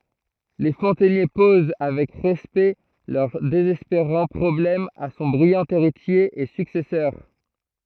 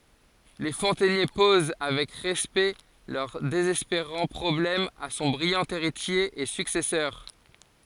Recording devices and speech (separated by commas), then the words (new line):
throat microphone, forehead accelerometer, read sentence
Les fontainiers posent avec respect leur désespérant problème à son brillant héritier et successeur.